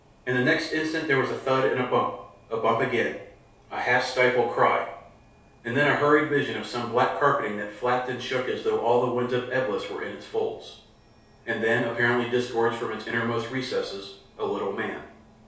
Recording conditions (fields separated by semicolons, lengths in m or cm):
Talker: one person; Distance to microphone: 3.0 m; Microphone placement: far; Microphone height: 1.8 m; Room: small (3.7 m by 2.7 m); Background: none